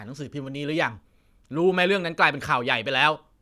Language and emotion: Thai, angry